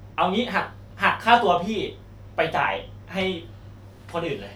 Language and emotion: Thai, frustrated